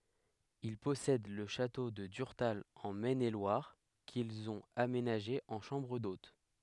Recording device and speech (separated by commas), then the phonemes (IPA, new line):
headset microphone, read sentence
il pɔsɛd lə ʃato də dyʁtal ɑ̃ mɛn e lwaʁ kilz ɔ̃t amenaʒe ɑ̃ ʃɑ̃bʁ dot